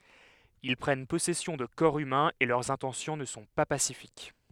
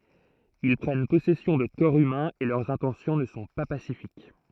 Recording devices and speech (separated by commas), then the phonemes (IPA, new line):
headset microphone, throat microphone, read sentence
il pʁɛn pɔsɛsjɔ̃ də kɔʁ ymɛ̃z e lœʁz ɛ̃tɑ̃sjɔ̃ nə sɔ̃ pa pasifik